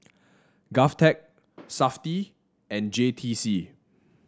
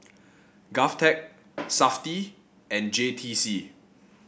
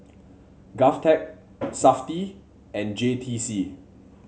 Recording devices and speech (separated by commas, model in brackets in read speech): standing microphone (AKG C214), boundary microphone (BM630), mobile phone (Samsung C7), read sentence